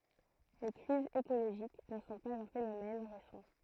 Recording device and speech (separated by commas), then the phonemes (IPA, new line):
throat microphone, read sentence
le kʁizz ekoloʒik nə sɔ̃ paz œ̃ fenomɛn ʁesɑ̃